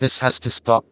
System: TTS, vocoder